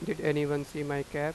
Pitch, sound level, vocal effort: 150 Hz, 89 dB SPL, normal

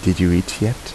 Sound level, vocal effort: 78 dB SPL, soft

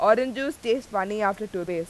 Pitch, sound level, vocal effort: 215 Hz, 91 dB SPL, very loud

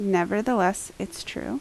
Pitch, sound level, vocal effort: 205 Hz, 77 dB SPL, normal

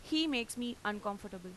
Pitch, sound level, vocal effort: 220 Hz, 89 dB SPL, loud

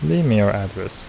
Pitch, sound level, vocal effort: 95 Hz, 75 dB SPL, soft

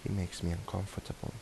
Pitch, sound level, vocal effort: 100 Hz, 73 dB SPL, soft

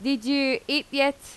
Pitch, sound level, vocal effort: 275 Hz, 88 dB SPL, very loud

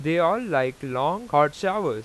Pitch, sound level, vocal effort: 145 Hz, 94 dB SPL, loud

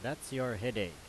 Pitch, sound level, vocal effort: 125 Hz, 90 dB SPL, very loud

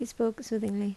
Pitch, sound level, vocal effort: 225 Hz, 75 dB SPL, soft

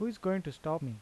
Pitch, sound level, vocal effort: 160 Hz, 83 dB SPL, normal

